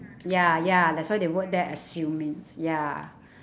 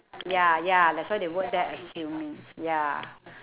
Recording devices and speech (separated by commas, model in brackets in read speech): standing microphone, telephone, conversation in separate rooms